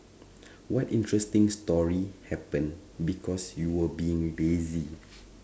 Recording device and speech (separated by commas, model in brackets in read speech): standing microphone, conversation in separate rooms